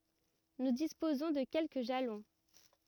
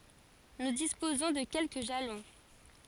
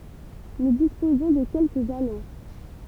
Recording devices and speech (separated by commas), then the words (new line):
rigid in-ear microphone, forehead accelerometer, temple vibration pickup, read sentence
Nous disposons de quelques jalons.